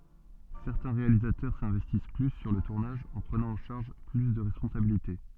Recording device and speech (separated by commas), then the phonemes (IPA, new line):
soft in-ear microphone, read sentence
sɛʁtɛ̃ ʁealizatœʁ sɛ̃vɛstis ply syʁ lə tuʁnaʒ ɑ̃ pʁənɑ̃ ɑ̃ ʃaʁʒ ply də ʁɛspɔ̃sabilite